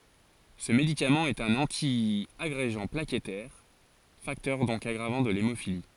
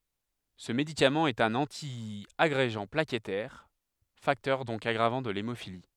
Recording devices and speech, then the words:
forehead accelerometer, headset microphone, read sentence
Ce médicament est un antiagrégant plaquettaire, facteur donc aggravant de l'hémophilie.

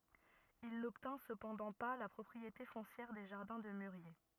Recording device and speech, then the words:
rigid in-ear microphone, read sentence
Il n’obtint cependant pas la propriété foncière des jardins de mûriers.

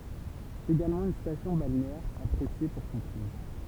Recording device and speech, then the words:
temple vibration pickup, read sentence
C'est également une station balnéaire appréciée pour son climat.

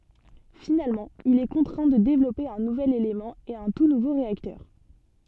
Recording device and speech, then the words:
soft in-ear microphone, read sentence
Finalement, il est contraint de développer un nouvel élément et un tout nouveau réacteur.

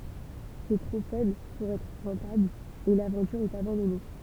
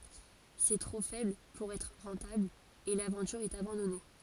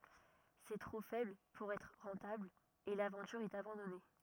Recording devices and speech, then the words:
temple vibration pickup, forehead accelerometer, rigid in-ear microphone, read sentence
C'est trop faible pour être rentable et l'aventure est abandonnée.

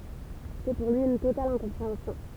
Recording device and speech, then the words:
temple vibration pickup, read sentence
C'est pour lui, une totale incompréhension.

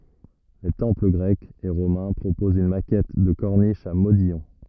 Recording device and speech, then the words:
rigid in-ear microphone, read sentence
Les temples grecs et romains proposent une maquette de corniche à modillons.

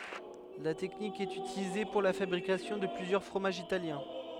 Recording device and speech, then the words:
headset microphone, read sentence
La technique est utilisée pour la fabrication de plusieurs fromages italiens.

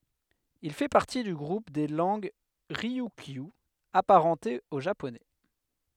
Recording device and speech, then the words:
headset microphone, read sentence
Il fait partie du groupe des langues ryukyu, apparentées au japonais.

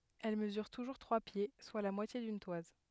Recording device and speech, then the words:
headset microphone, read sentence
Elle mesure toujours trois pieds, soit la moitié d'une toise.

